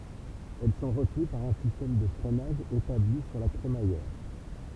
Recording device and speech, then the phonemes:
temple vibration pickup, read sentence
ɛl sɔ̃ ʁətəny paʁ œ̃ sistɛm də fʁɛnaʒ etabli syʁ la kʁemajɛʁ

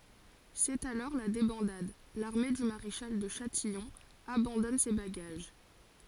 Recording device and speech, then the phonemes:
forehead accelerometer, read sentence
sɛt alɔʁ la debɑ̃dad laʁme dy maʁeʃal də ʃatijɔ̃ abɑ̃dɔn se baɡaʒ

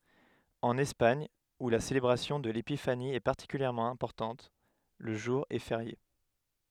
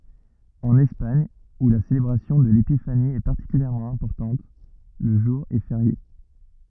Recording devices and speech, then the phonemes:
headset microphone, rigid in-ear microphone, read sentence
ɑ̃n ɛspaɲ u la selebʁasjɔ̃ də lepifani ɛ paʁtikyljɛʁmɑ̃ ɛ̃pɔʁtɑ̃t lə ʒuʁ ɛ feʁje

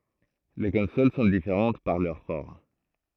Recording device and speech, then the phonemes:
throat microphone, read sentence
le kɔ̃sol sɔ̃ difeʁɑ̃t paʁ lœʁ fɔʁm

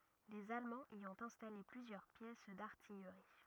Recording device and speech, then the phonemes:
rigid in-ear microphone, read sentence
lez almɑ̃z i ɔ̃t ɛ̃stale plyzjœʁ pjɛs daʁtijʁi

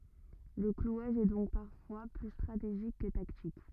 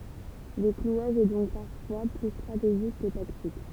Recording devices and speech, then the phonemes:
rigid in-ear microphone, temple vibration pickup, read sentence
lə klwaʒ ɛ dɔ̃k paʁfwa ply stʁateʒik kə taktik

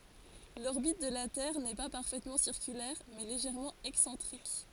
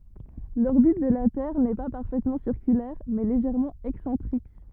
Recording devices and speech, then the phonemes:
forehead accelerometer, rigid in-ear microphone, read sentence
lɔʁbit də la tɛʁ nɛ pa paʁfɛtmɑ̃ siʁkylɛʁ mɛ leʒɛʁmɑ̃ ɛksɑ̃tʁik

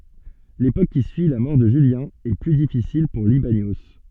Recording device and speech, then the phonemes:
soft in-ear microphone, read sentence
lepok ki syi la mɔʁ də ʒyljɛ̃ ɛ ply difisil puʁ libanjo

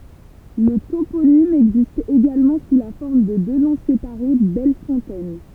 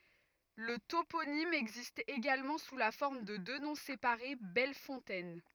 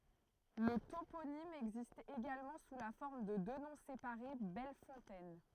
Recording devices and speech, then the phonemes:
temple vibration pickup, rigid in-ear microphone, throat microphone, read sentence
lə toponim ɛɡzist eɡalmɑ̃ su la fɔʁm də dø nɔ̃ sepaʁe bɛl fɔ̃tɛn

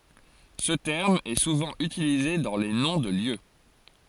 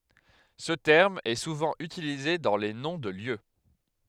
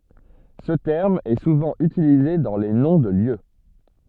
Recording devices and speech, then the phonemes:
forehead accelerometer, headset microphone, soft in-ear microphone, read sentence
sə tɛʁm ɛ suvɑ̃ ytilize dɑ̃ le nɔ̃ də ljø

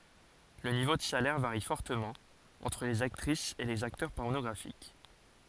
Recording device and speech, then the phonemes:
forehead accelerometer, read sentence
lə nivo də salɛʁ vaʁi fɔʁtəmɑ̃ ɑ̃tʁ lez aktʁisz e lez aktœʁ pɔʁnɔɡʁafik

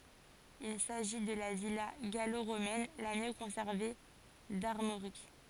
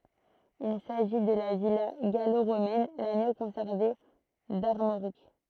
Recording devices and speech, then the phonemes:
forehead accelerometer, throat microphone, read sentence
il saʒi də la vila ɡalo ʁomɛn la mjø kɔ̃sɛʁve daʁmoʁik

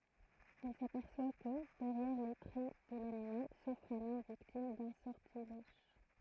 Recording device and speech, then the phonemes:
throat microphone, read sentence
ɛl sapɛʁswa kə dɛʁjɛʁ le tʁɛ də lanimal sufʁ œ̃n ɔm viktim dœ̃ sɔʁtilɛʒ

